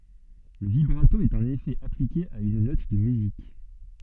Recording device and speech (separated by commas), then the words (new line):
soft in-ear microphone, read sentence
Le vibrato est un effet appliqué à une note de musique.